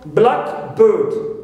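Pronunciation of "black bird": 'Blackbird' is said as one compound noun, with the stress on the first part, 'black'.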